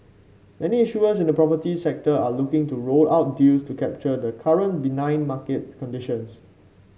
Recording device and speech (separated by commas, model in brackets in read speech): mobile phone (Samsung C5), read sentence